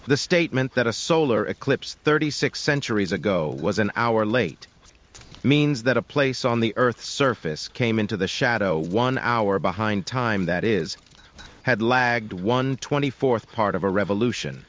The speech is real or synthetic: synthetic